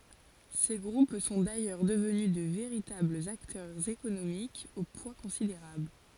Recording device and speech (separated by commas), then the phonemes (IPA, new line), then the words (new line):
forehead accelerometer, read sentence
se ɡʁup sɔ̃ dajœʁ dəvny də veʁitablz aktœʁz ekonomikz o pwa kɔ̃sideʁabl
Ces groupes sont d'ailleurs devenus de véritables acteurs économiques au poids considérable.